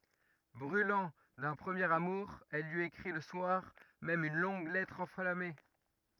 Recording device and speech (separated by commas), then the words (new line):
rigid in-ear microphone, read sentence
Brûlant d'un premier amour, elle lui écrit le soir même une longue lettre enflammée.